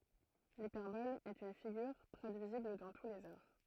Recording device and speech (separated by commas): throat microphone, read sentence